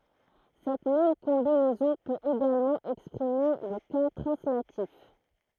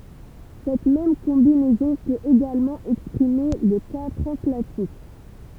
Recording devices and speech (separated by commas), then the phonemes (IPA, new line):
throat microphone, temple vibration pickup, read sentence
sɛt mɛm kɔ̃binɛzɔ̃ pøt eɡalmɑ̃ ɛkspʁime lə ka tʁɑ̃slatif